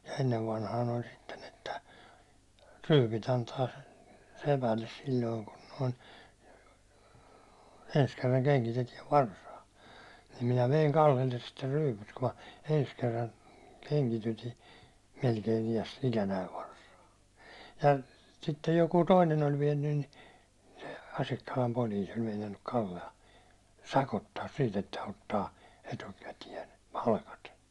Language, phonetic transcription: Finnish, ja ennev vanhaan ‿oĺ sitten ‿että , 'ryypit antaa , 'sepälles sil̜loiŋ kun noin̬ , 'ens 'kerraŋ 'keŋkitetiɛv "varsaa , nim minä veiŋ 'Kallelles sitte 'ryypyt ku ma , 'ens kerran , 'keŋkityti , melkein iäs- , 'ikänäiv varsaa , ja , sittej jokuu "toinen oĺ 'viɛnnyn nɪ , sᴇ 'Asikkalam 'poliis ‿oĺ meinannuk Kalle₍a , "sakottaas siit ‿että 'ottaa , 'etukätiɛn̬ , 'palkat .
- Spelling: ja ennen vanhaan oli sitten että ryypyt antaa sepälle silloin kun noin ensi kerran kengitetään varsaa niin minä vein Kallelle sitten ryypyt kun minä ensi kerran kengitytin melkein - ikänäni varsaa ja sitten joku toinen oli vienyt niin se Asikkalan poliisi oli meinannut Kallea sakottaa siitä että ottaa etukäteen palkat

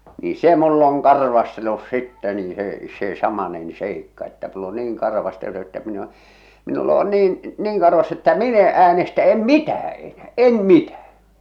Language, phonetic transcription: Finnish, ni "se 'mull ‿oŋ "karvastellus "sittɛ nii 'se , se "samanen 'seikka että mull ‿o 'niiŋ 'karvastellu että min ‿ᵉ ‿o , minull ‿o "niin , "niiŋ karvas että "min ‿e 'äänestä en̳ "mitää enää .
- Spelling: niin se minulla on karvastellut sitten niin se se samainen seikka että minulla on niin karvastellut että minä en ole minulla on niin niin karvas että minä en äänestä en mitään enää

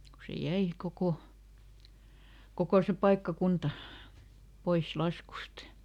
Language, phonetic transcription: Finnish, ku se ˈjäi , ˈkoko , "kokò se "paikkaˈkunta , ˈpois ˈlaskust .
- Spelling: kun se jäi koko koko se paikkakunta pois laskuista

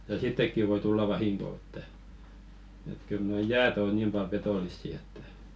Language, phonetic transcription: Finnish, ja 'sittekki voi 'tulla "vahiŋko että , et kyl 'noi "jäät ‿ò 'niim pal 'petòlissi että .
- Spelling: ja sittenkin voi tulla vahinko että että kyllä nuo jäät on niin paljon petollisia että

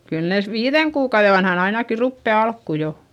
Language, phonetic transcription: Finnish, kyl nès viiδeŋ kuukauδe vanhan ‿ainaki ruppe alkku jo .
- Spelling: kyllä ne viiden kuukauden vanhana ainakin rupeaa alkuun jo

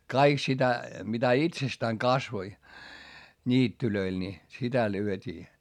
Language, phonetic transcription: Finnish, kaik sitä , mitä itsestääŋ kasvoi , ńiittylöil ni , sitä lyöt́ii .
- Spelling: kaikkea sitä mitä itsestään kasvoi niityillä niin sitä lyötiin

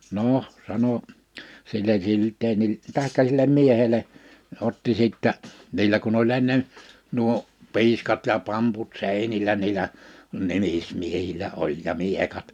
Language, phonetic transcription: Finnish, 'nòh , 'sano , sillej 'Jylteenil- , 'tàḙkka sillem 'miehele , 'otti sìttä , 'niiĺä kun ‿oĺ ennen , 'nuo , 'pi̬iskat ja 'pamput 'sèinilä niilä , 'nimlsmiehiĺä oĺ ja 'miekat .
- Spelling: no sano sille Gyldenille tai sille miehelle otti sitten niillä kun oli ennen nuo piiskat ja pamput seinillä niillä nimismiehillä oli ja miekat

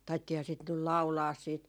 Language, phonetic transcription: Finnish, 'taittiihaa sit nyl "lau̬laas siit ,.
- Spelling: taidettiinhan sitä nyt laulaa sitten

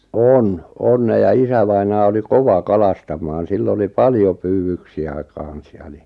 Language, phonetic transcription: Finnish, 'on , 'on 'ne ja 'isävainaa oli "kova "kalastam̆maan 'sill ‿oli "paljo 'pyywyksi₍ä 'kàn̬s 'ja ni ,.
- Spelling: on on ne ja isävainaja oli kova kalastamaan sillä oli paljon pyydyksiä kanssa ja niin

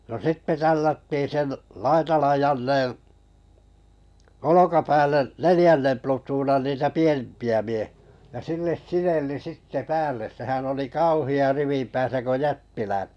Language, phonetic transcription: Finnish, no "sitte 'tällättiin 'sen , 'laitalan Janneḛ , "olokapäälle’ , "nelⁱjännem 'plutuunan 'niitä "pienᵉmpi₍ä mie[hiä] ja 'silles "sinelli 'sitte "päälle̳ sehän oli "kauhi₍a 'rivim pääsä ko "jättiläi- .
- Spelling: no sitten tällättiin sen Laitalan Jannen olkapäälle neljännen plutoonan niitä pienempiä miehiä ja sille sinelli sitten päälle sehän oli kauhea rivin päässä kun -

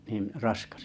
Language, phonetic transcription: Finnish, nìn , "raskas ?
- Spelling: niin raskas

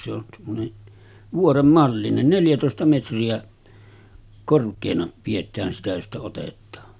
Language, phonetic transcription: Finnish, se ‿on semmone , 'vuorem mallinen 'neljätòesta metri₍ä , 'kork̆keena piet̆tään sitä josta 'otet̆taa .
- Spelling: se on semmoinen vuoren mallinen neljätoista metriä korkeana pidetään sitä josta otetaan

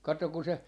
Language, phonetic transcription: Finnish, 'kattok kun se , .
- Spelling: katso kun se

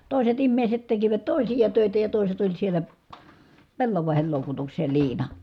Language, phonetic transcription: Finnish, tòiset immèiset tekivät tòisija tö̀itä ja tòiset oĺ sielä , pellavàehel lòukutukses̀ᵃ ja liina .
- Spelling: toiset ihmiset tekivät toisia töitä ja toiset oli siellä pellavaksen loukutuksessa ja liina

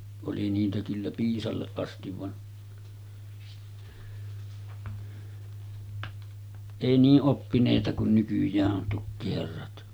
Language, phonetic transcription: Finnish, oli niitä kyllä 'piisalleˀ ˀastiv van , 'èi 'nii’ ’oppinèita kun nykyj̆jää’ ’on 'tukkiherrat .
- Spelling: oli niitä kyllä piisalle asti vaan ei niin oppineita kuin nykyään on tukkiherrat

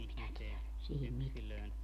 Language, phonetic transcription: Finnish, em minä tiɛlä , sihim 'miteä .
- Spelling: en minä tiedä siihen mitään

